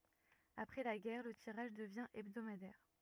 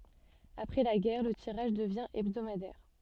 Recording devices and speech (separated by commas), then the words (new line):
rigid in-ear microphone, soft in-ear microphone, read sentence
Après la guerre, le tirage devient hebdomadaire.